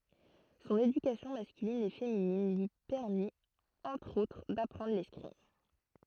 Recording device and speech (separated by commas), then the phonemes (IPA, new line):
throat microphone, read sentence
sɔ̃n edykasjɔ̃ maskylin e feminin lyi pɛʁmit ɑ̃tʁ otʁ dapʁɑ̃dʁ lɛskʁim